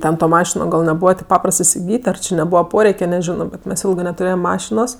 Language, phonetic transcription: Lithuanian, ˈten to ˈmašino gal neˈbūva tėp ˈpaprast isiˈgyt' ar či neˈbūva ˈporeike neˈžino bet ˈmes ˈilgɜ netuˈrėjem ˈmašinos

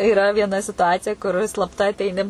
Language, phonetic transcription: Lithuanian, iˈra viena situˈacija kur i slapˈta ateiˈni

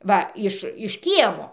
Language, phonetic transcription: Lithuanian, ˈva ˈiš iš ˈkiemo

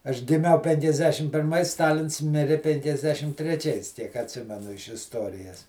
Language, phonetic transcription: Lithuanian, aš giˈmiau penkiasˈdešim pirˈmais ˈstalins ˈmiri penkiasˈdešim treˈčiais tiek atˈsimenu iš isˈtorijas

